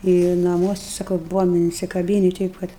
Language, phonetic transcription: Lithuanian, i naˈmuosi ˈsakau ˈbuvom insikaˈbyni ˈteip ˈkad

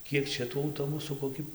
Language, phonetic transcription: Lithuanian, ˈkiek ˈčia tų auˈtobusų koˈki

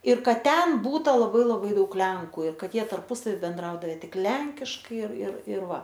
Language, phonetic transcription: Lithuanian, ir ˈkad ˈten ˈbūta laˈbai laˈbai ˈdaug ˈlenku ir ˈkad ˈjie tarˈpusavi benˈdraudave ˈtik ˈlenkiškai ir ir ir ˈva

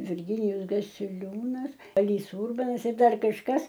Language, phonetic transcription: Lithuanian, virˈginijus gasiˈliūnas ˈalys ˈūrbanas ir ˈdar kažˈkas

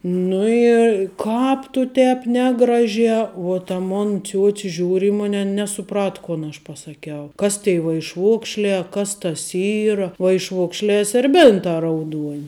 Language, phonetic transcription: Lithuanian, ˈnu i ˈkāp tu ˈtēp ˈnegraˌžiā uo ta ˈmon ˈciuoci ˈžiūr' i ˈmun' ˈan nesuˈprat ˈkon aš pasaˈkiau ˈkas tei vaišˈvokšlē a ˈkas tas ˈyra vaišˈvokšlē serˈbėntā rauˈduon'

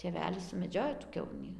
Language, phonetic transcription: Lithuanian, tėˈvelis sumeˈdžiojo tų ˈkiaunį

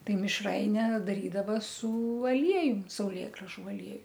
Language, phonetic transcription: Lithuanian, ˈtai mišˈraine daˈrydava su aˈliejum sauˈlėgražu aˈlieju

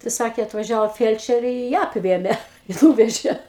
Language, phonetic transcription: Lithuanian, tai ˈsakė atvaˈžiavo ˈfielčerė i ˈją apˈvėmė i ˈnūvežė

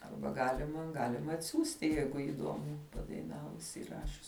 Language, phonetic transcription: Lithuanian, ˈarba ˈgalima ˈgalim atˈsiųsti ˈjeigu įˈduomu padaiˈnavus įˈrašius

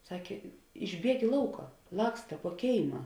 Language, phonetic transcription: Lithuanian, ˈsakė išˈbieg i ˈlauka ˈlaksta puo ˈkėima

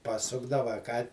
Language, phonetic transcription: Lithuanian, paˈsukdava a ˈką

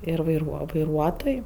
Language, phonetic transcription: Lithuanian, ir vaiˈruo vaiˈruotoj

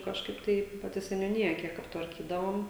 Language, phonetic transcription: Lithuanian, kažˈkaip tai paˈti seniūˈnija ˈkiek aptvarˈkydavom

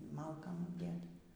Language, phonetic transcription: Lithuanian, ˈmalkam apˈdėta

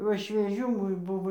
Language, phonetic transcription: Lithuanian, ˈva švieˈžių ˈmum ˈbuvo

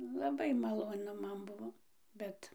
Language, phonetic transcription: Lithuanian, laˈbai maloˈnu ˈman ˈbuvo ˈbet

